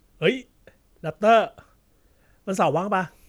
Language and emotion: Thai, happy